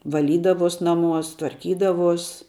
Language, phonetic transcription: Lithuanian, vaˈlydavos ˈnaˌmuos tvarˈkydavuos

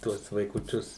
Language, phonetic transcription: Lithuanian, ˈtuos vaikuˈčius

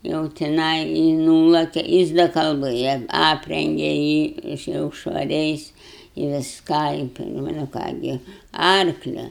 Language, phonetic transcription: Lithuanian, jau tiˈnai ji ˈnūlake ˈjis da kalˈbɘja ˈaprenge jį iš jau švaˈriais i visˈką i nu ˈką gi ˈarklia

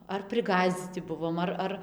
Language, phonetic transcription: Lithuanian, ar priˈgąsdzyci ˈbuvom ˈar ˈar

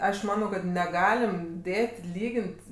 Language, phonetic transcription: Lithuanian, ˈaš ˈmanau kad ˈnegalim ˈdėt' ˈlygin't'

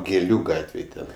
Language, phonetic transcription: Lithuanian, gėˈlių ˈgatvėj ˈten

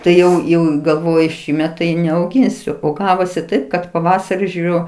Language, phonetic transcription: Lithuanian, ˈtai ˈjau jau i galˈvoju ˈšįmet tai neauˈginsiu o ˈgavosi ˈtaip kad ˈpavasari žiuˈriu

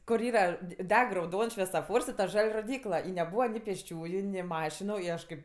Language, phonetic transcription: Lithuanian, kur ˈyra di ˈdeg rauˈdons švesoˈfors i ta ˈžal' roˈdykla i neˈbūva ni pėsˈčiųju ni ˈmašinu i ˈaš kaip

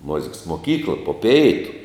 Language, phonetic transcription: Lithuanian, ˈmuziks moˈkykla po ˈpeitu

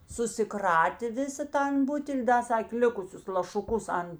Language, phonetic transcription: Lithuanian, susiˈkratė ˈvisa ˈtan ˈbutel' ˈda ˈsakė ˈlikusius lašuˈkus an

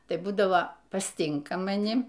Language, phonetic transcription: Lithuanian, tai ˈbūdavo pasˈtinka maˈni

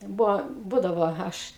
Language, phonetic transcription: Lithuanian, ˈbuvo ˈbūdavo ˈaš

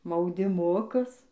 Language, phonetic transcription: Lithuanian, maudiˈmukus

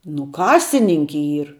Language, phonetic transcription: Lithuanian, nu ˈkasininki ˈyr

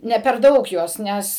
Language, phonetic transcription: Lithuanian, ˈne per ˈdaug ˈjuos ˈnes

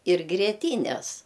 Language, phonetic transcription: Lithuanian, ir grieˈtynes

